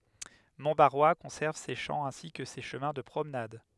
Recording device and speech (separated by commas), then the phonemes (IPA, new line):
headset microphone, read sentence
mɔ̃tbaʁwa kɔ̃sɛʁv se ʃɑ̃ ɛ̃si kə se ʃəmɛ̃ də pʁomnad